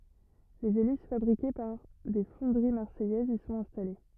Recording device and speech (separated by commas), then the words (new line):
rigid in-ear microphone, read sentence
Les hélices fabriquées par des fonderies marseillaises y sont installées.